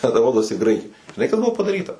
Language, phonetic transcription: Lithuanian, ten ˈrodosi ˈgraikai žiˈnai kas ˈbuvo padaˈryta

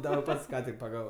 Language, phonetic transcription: Lithuanian, daˈbar ˈpats ˈką tik paˈgavo

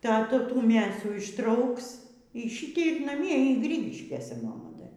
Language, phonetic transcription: Lithuanian, ˈtą ˈtų ˈtų ˈmėsų išˈtrauks y ˈšytei ir naˈmie y ˈgrygiškėse maˈma ˈda

